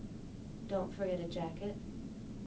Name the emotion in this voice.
neutral